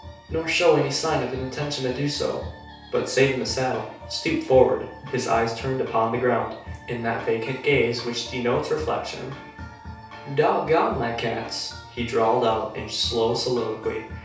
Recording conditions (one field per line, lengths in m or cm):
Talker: one person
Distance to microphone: 3.0 m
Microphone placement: far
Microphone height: 1.8 m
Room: small (3.7 m by 2.7 m)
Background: music